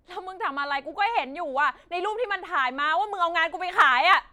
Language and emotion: Thai, angry